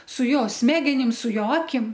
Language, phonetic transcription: Lithuanian, su ˈjo ˈsmegenim su ˈjo ˈakim

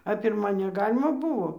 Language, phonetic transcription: Lithuanian, a pirˈma neˈgalima ˈbuvo

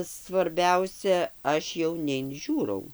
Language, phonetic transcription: Lithuanian, svarˈbiausia ˈaš jau neinˈžiūrau

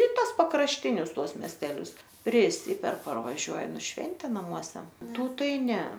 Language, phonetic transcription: Lithuanian, i ˈtas pakrašˈtinius ˈtuos mesteˈlius priˈsiper parvaˈžiuojam ir ˈšventė naˈmuose ˈtų ˈtai ˈne

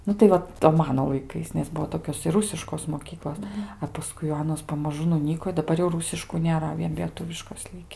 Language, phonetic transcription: Lithuanian, ˈnu tai ˈva to ˈmano laiˈkais nes ˈbuo ˈtokios ir ˈrusiškos moˈkyklos a paˈskui jau ˈanos pamaˈžu nuˈnyko i daˈbar jau ˈrūsiškų nėˈra ˈvien lieˈtuviškos ˈliki

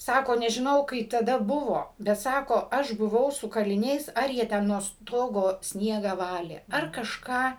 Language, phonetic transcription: Lithuanian, ˈsako nežiˈnau kaip taˈda ˈbuvo bet ˈsako ˈaš buˈvau su kaliˈniais ˈar jie ˈten nuo ˈstogo ˈsniegą ˈvalė ar kažˈką

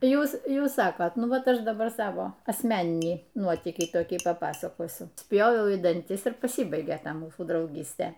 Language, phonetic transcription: Lithuanian, ˈjūs ˈjūs ˈsakote ˈnu ˈvat ˈaš daˈbar ˈsavo asˈmeninį ˈnuotykį toˈkį paˈpasakosiu ˈspjoviau į danˈtis ir paˈsybaigė ˈta ˈmūsų drauˈgystė

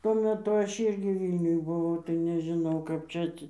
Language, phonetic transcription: Lithuanian, tuo meˈtu ˈaš ˈyrgi ˈvylniuj buˈvau tai nežiˈnau kap ˈčia ˈatsi

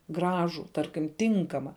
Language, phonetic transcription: Lithuanian, ˈgražų ˈtarkim ˈtinkama

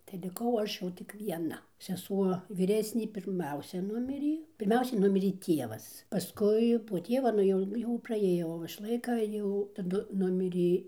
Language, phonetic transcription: Lithuanian, tai liˈkau ˈaš jau tik vieˈna seˈsuo vyˈresnė pirˈmiausia ˈnumirė pirˈmiausiai ˈnumirė ˈtievas paˈskui po ˈtieva nu ˈjau jau praˈėjo ˈovaš ˈlaika jau taˈdu ˈnumirė

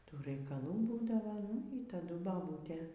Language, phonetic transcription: Lithuanian, ˈtų raikaˈlų ˈbūdavo nu y taˈdu baˈbūtė

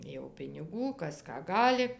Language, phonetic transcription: Lithuanian, jau piniˈgų ˈkas ˈką ˈgali

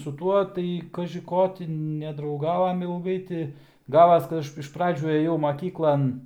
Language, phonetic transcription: Lithuanian, su ˈtuo tai kaži ˈko ti nedrauˈgavome ilˈgai ti ˈgavas kad ˈaš iš ˈpradžių ˈėjau maˈkyklan

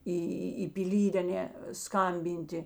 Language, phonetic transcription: Lithuanian, ˈį į į piˈlyd' aˈne ˈskambinti

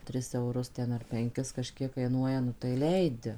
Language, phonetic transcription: Lithuanian, ˈtris euˈrus ˈten ar penˈkis kaˈžkiek kaiˈnuoja nu tai ˈleidi

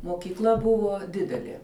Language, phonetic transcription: Lithuanian, mokyˈkla ˈbuvo ˈdidelė

